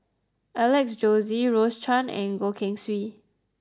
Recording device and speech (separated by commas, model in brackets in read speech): close-talking microphone (WH20), read sentence